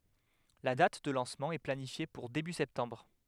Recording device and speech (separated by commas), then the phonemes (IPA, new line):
headset microphone, read sentence
la dat də lɑ̃smɑ̃ ɛ planifje puʁ deby sɛptɑ̃bʁ